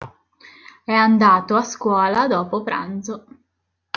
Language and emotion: Italian, neutral